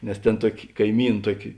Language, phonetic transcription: Lithuanian, nes tėn ˈtuoki kaiˈmyn ˈtuoki

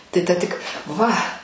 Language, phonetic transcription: Lithuanian, tai ˈta tik ˈva

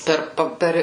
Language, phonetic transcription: Lithuanian, ˈper ˈpa ˈper

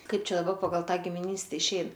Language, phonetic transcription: Lithuanian, ˈkaip ˈčia daˈba paˈgal ˈtą gimiˈnyste išˈein

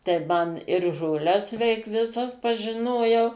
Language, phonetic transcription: Lithuanian, tai man ir žoˈles veik viˈsas pažiˈnojau

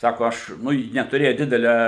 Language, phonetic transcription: Lithuanian, ˈsako ˈaš ˈnu ˈji netuˈrėja ˈdidelia

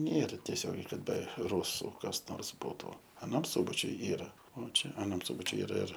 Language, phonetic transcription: Lithuanian, ˈnėra teˈsiogiai kad be ˈrūsu kas ˈnors ˈbūtu aˈnam ˈsubačiuj ˈyra o ˈčia aˈnam ˈsūbačiuj iˈra ir

